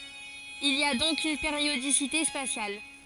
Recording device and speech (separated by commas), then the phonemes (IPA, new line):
forehead accelerometer, read sentence
il i a dɔ̃k yn peʁjodisite spasjal